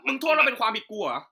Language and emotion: Thai, angry